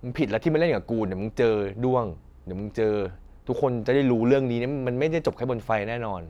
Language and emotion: Thai, angry